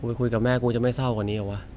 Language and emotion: Thai, frustrated